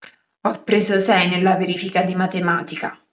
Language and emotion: Italian, angry